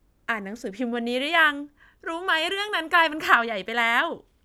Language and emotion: Thai, happy